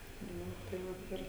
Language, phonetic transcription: Lithuanian, ˈnu tai ˈvat ˈir

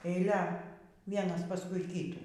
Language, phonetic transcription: Lithuanian, eiˈlia ˈvienas paˈskui ˈkytų

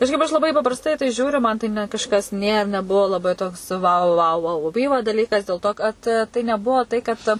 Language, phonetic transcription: Lithuanian, kažˈkaip aš laˈbai paprasˈtai i tai ˈžiūriu ˈman tai ne kažˈkas ˈnė neˈbuo laˈbai toks ˈvau ˈvau (vauuˈbyva) daˈlykas dėl ˈto kad tai neˈbuo ˈtai ˈkad

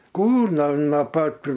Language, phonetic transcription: Lithuanian, ˈkūr no no ˈpat

